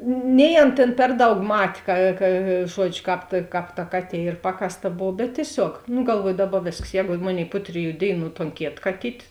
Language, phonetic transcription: Lithuanian, nei ˈan tėn ˈper ˌdaug ˈmat' ka ka ˈžuodžiu ˈkāp ta ˈkāp ta ˈkaˌtie ˈyr ˈpakasˌta ˈbov bet tieˈsiog nu galˈvuoju ˈdaˌba ˈvėsks ˈjēgu ˈmoˌnėi ˈpu triˌjų ˈdėiˌnų ton ˈkėt kaˈtyt'

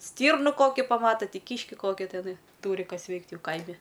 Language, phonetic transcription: Lithuanian, ˈstyrnu ˈkoki ˈpamata ˈtį ˈkyški ˈkoki teˈnai ˈtūri ˈkas ˈveikt ˈjau ˈkaimi

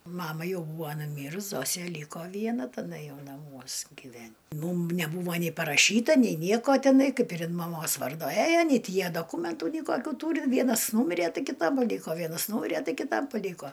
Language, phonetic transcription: Lithuanian, ˈmama ˈjau ˈbūvo nuˈmyrus ˈzosė ˈlyko ˈviena taˈda ˈjau naˈmuos giˈven' ˈmūm neˈbūva ni paraˈšyta nei ˈnieko tiˈnai ˈkaip ir in maˈmos ˈvardo ˈæjo nei ˈti ˈjie doˈkūmentu nei ˈkokių ˈtūri ˈvienas ˈnūmire ˈtai kiˈta ˈlyko ˈvienas ˈnūmire ˈtai kiˈtam paˈlyko

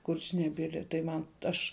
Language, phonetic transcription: Lithuanian, ˈkurčnebili tai ˈman ˈaš

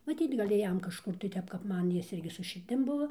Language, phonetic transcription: Lithuanian, maˈtyt ˈgal' ˈjam kažˈkur ˈtep kap ˈman ˈjis ˈirgi su širˈdim ˈbuvo

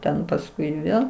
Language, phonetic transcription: Lithuanian, ˈten pasˈkui ˈvėl

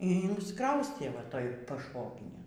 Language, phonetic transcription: Lithuanian, y insˈkraustė vaˈtoj pašˈvoginėn

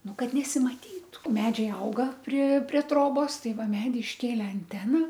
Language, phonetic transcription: Lithuanian, ˈnu ˈkad nesimaˈtytu ˈmedžiai ˈauga pri prie ˈtrobos ˈtai ˈva ˈmedy išˈkėle anˈtena

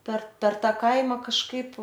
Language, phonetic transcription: Lithuanian, per per ˈtą ˈkaima kažˈkaip

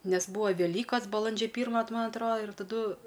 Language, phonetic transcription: Lithuanian, nes ˈbūa veˈlykas baˈlandžia ˈpyrma t ˈman ˈatroda ir taˈdu

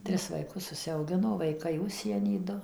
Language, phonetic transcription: Lithuanian, ˈtris vaiˈkus užsiauˈgino vaiˈkai ˈužsieny ˈdu

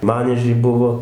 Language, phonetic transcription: Lithuanian, ˈmaniežiai ˈbuvo

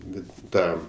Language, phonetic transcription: Lithuanian, ˈbet ˈtą

